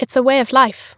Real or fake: real